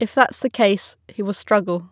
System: none